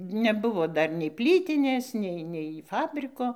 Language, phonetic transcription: Lithuanian, neˈbuvo ˈdar nei ˈplytinės ˈnei nei ˈfabriko

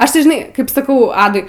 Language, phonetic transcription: Lithuanian, ˈaš tai žiˈnai kaip saˈkau ˈadui

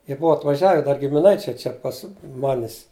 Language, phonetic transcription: Lithuanian, jie ˈbua atvaˈžiave dar gimiˈnaičiai ˈčia pas ˈmanis

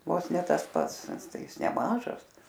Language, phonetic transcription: Lithuanian, ˈvos ˈne ˈtas ˈpats ˈtai ˈis neˈmažas

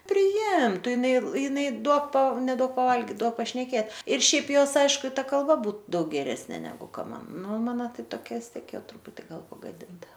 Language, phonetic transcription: Lithuanian, priˈimtu jiˈnai jiˈnai ˈduok pa neˈduok paˈvalgit ˈduok pašneˈkėt ir ˈšiaip ˈjos ˈaišku i ˈta kalˈba ˈbūt ˈdaug geˈresnė neˈgu ˈka ˈman ˈnu ˈmano ˈtai toˈkia vis ˈtiek ˈjau ˈtruputi ˈgal pagaˈdinta

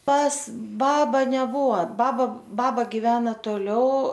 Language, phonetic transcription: Lithuanian, pas ˈbaba neˈbuo ˈbaba ˈbaba giˈvena toˈliau

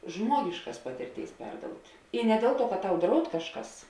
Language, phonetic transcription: Lithuanian, ˈžmuogiškas ˈpatirˌtėis ˈperdout' i ne ˈdėl ˌtuo kad ˈtau ˈdraud ˈkažˌkas

